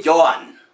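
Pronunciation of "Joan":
'Joan' is pronounced incorrectly here.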